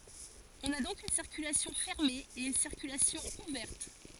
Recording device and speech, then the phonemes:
forehead accelerometer, read sentence
ɔ̃n a dɔ̃k yn siʁkylasjɔ̃ fɛʁme e yn siʁkylasjɔ̃ uvɛʁt

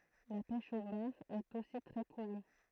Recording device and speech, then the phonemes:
throat microphone, read sentence
la pɛʃ o baʁ ɛt osi tʁɛ kuʁy

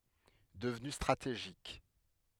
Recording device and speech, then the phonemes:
headset microphone, read sentence
dəvny stʁateʒik

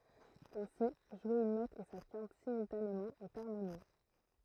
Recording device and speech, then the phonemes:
throat microphone, read sentence
ɛ̃si ʒwe yn nɔt e sa kɛ̃t simyltanemɑ̃ ɛt aʁmonjø

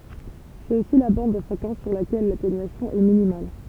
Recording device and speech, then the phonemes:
temple vibration pickup, read sentence
sɛt osi la bɑ̃d də fʁekɑ̃s syʁ lakɛl latenyasjɔ̃ ɛ minimal

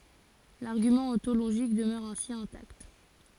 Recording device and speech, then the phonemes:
forehead accelerometer, read sentence
laʁɡymɑ̃ ɔ̃toloʒik dəmœʁ ɛ̃si ɛ̃takt

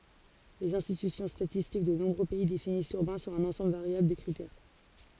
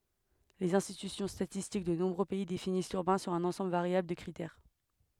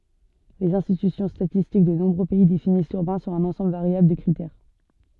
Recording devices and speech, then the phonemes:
forehead accelerometer, headset microphone, soft in-ear microphone, read sentence
lez ɛ̃stity statistik də nɔ̃bʁø pɛi definis lyʁbɛ̃ syʁ œ̃n ɑ̃sɑ̃bl vaʁjabl də kʁitɛʁ

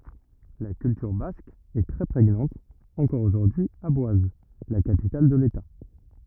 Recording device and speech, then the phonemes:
rigid in-ear microphone, read sentence
la kyltyʁ bask ɛ tʁɛ pʁeɲɑ̃t ɑ̃kɔʁ oʒuʁdyi a bwaz la kapital də leta

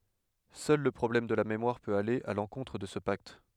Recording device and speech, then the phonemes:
headset microphone, read sentence
sœl lə pʁɔblɛm də la memwaʁ pøt ale a lɑ̃kɔ̃tʁ də sə pakt

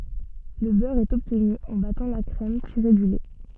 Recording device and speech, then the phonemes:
soft in-ear microphone, read sentence
lə bœʁ ɛt ɔbtny ɑ̃ batɑ̃ la kʁɛm tiʁe dy lɛ

